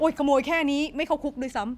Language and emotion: Thai, neutral